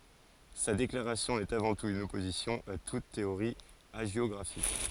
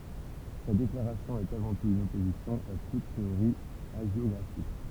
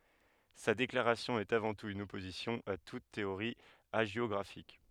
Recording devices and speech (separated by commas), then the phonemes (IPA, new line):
forehead accelerometer, temple vibration pickup, headset microphone, read sentence
sa deklaʁasjɔ̃ ɛt avɑ̃ tut yn ɔpozisjɔ̃ a tut teoʁi aʒjɔɡʁafik